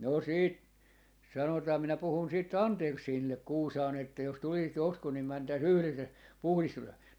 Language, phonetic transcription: Finnish, no 'sit , sanotaa minä 'puhun siit "Antersseenillek 'Kuusaan ‿että » jos 'tulisit 'joskus nim 'mäntäi"s ‿yhles ja , (puhlistuta) » .
- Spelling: no sitten sanotaan minä puhun sitten Andersenille Kuusaan että jos tulisit joskus niin mentäisiin yhdessä ja -

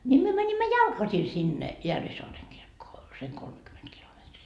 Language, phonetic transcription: Finnish, ńi myö 'mänimmä "jalkasi sinne , 'Järvisoareŋ kirkkoo , seŋ 'kolmekyment kilometrii .
- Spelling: niin me menimme jalkaisin sinne Järvisaaren kirkkoon sen kolmekymmentä kilometriä

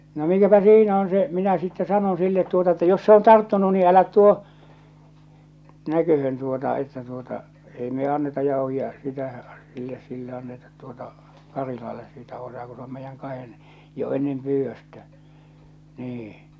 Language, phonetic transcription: Finnish, no 'mikäpä "siinä on , se , minä sitte 'sanon sillet tuota että » jos se on 'tarttunu nii 'älät 'tuo , 'näköhön tuota että tuota , 'ei me 'anneta Jàohi₍a- , sitä , silles sille annetat tuota , 'Karilalles siitä osaa ku s ‿om 'meijjäŋ 'kahen , jo 'ennem 'pyyvvöstä « , nii .
- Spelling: no mikäpä siinä on se minä sitten sanon sille tuota että jos se on tarttunut niin älä tuo näköön tuota että tuota ei me anneta - sitä sille sille annetaan tuota Karilalle siitä osaa kun se on meidän kahden jo ennen pyydöstä niin

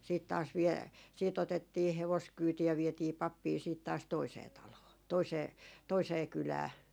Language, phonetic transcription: Finnish, 'siit taas vie- , 'siit ‿otettii 'hevoskyyti ja vietii "pappii siit taas 'toisee 'taloo , 'toisee , 'toisee "kylää .
- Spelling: sitten taas - sitten otettiin hevoskyyti ja vietiin pappia sitten taas toiseen taloon toiseen toiseen kylään

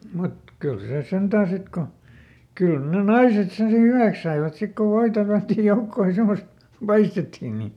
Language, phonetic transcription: Finnish, ˈmut , ˈkyl ˈsè ˈsentää ˈsit ko , ˈkỳl ne "naiset sen si ˈhyväks saivat ˈsik ko ˈvoita tälᵃ̈ttij ˈjoukkooj ja ˈsemost , "paistetti ni , m̥ .
- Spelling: mutta kyllä se sentään sitten kun kyllä ne naiset sen sitten hyväksi saivat sitten kun voita tällättiin joukkoon ja semmoista paistettiin niin mm

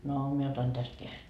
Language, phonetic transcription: Finnish, » no , 'mie otan 'täst kää₍e- ,.
- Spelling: no minä otan tästä -

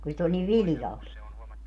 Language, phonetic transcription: Finnish, ku 'sit ‿oĺ niv "vilⁱjalt .
- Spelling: kun sitä oli niin viljalti

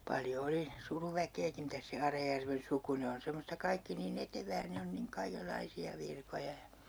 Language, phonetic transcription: Finnish, paljo 'oli , 'suruvä'keeki 'mitäs se "Arajärven 'suku 'ne on̬ semosta 'kaikki nii"n ‿etevää 'ne on niŋ "kaikel'laisi₍a 'virkoja ja , .
- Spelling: paljon oli suruväkeäkin mitäs se Arajärven suku ne on semmoista kaikki niin etevää ne on niin kaikenlaisia virkoja ja

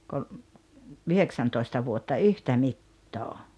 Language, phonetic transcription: Finnish, ko- , "yheksäntoista 'vuotta "yhtä 'mittoo .
- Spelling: - yhdeksäntoista vuotta yhtä mittaa

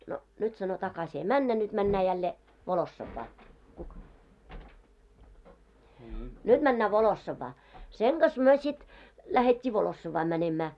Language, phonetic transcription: Finnish, » no nyt « sano » 'takasi ei "männä nyᴅ 'männää jällee , 'Volossavvaa , "nyᴅ männä "Volossavvaa. « 'seŋ ɢas 'myö sit , 'lähet́t́ii 'Volossavvaa mänemää .
- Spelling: no nyt sanoi takaisin ei mennä nyt mennään jälleen Volossovaan nyt mennään Volossavaan sen kanssa me sitten lähdettiin Volossovaan menemään

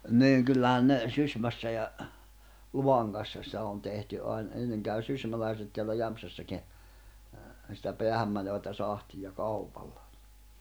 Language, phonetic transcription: Finnish, 'niiŋ kyllähän ne , 'Sysmässä ja , 'Luhaŋgassa sⁱtä on tehty 'ain , 'enneŋ käy 'sysmäläiset teällä 'Jämpsässäkin̬ , sⁱtä 'peahämmäneᵛätä 'sahtija "kaupalla .
- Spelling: niin kyllähän ne Sysmässä ja Luhangassa sitä on tehty aina ennen kävi sysmäläiset täällä Jämsässäkin sitä päähänmenevää sahtia kaupalla

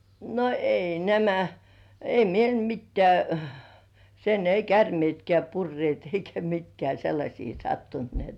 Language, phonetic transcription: Finnish, no 'ei "nämä , 'ei meil "mittĕ§ä̀ , sen ei "kärmĭètkĕä̀ purrĭèt eikä 'mitkĕä̀ 'sellaśii sattunt ni et .
- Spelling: no ei nämä ei meillä mitään sen ei käärmeetkään purreet eikä mitkään sellaisia sattunut niin että

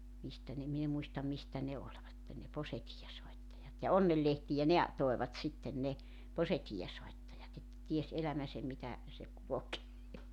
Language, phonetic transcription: Finnish, 'mistä ne 'min ‿e 'muistam 'mistä ne oĺvatten ne 'posetii₍esoittajat ja "onnellehtijä "ne a- , 'toevat 'sitten 'ne , 'posetii₍esoittajat ‿että 'ties 'elämäsem mitä , se 'kulokee .
- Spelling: mistä ne minä en muista mistä ne olivat ne posetiivinsoittajat ja onnenlehtiä ne - toivat sitten ne posetiivinsoittajat että tiesi elämänsä mitä se kulkee

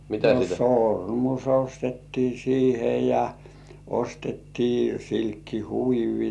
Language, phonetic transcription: Finnish, no "sòrmus 'ostettii siihe ja , 'ostettii silkki"huivi .
- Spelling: no sormus ostettiin siihen ja ostettiin silkkihuivi

